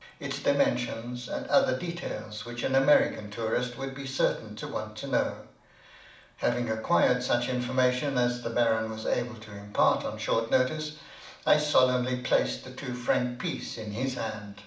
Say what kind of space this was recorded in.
A mid-sized room (about 5.7 m by 4.0 m).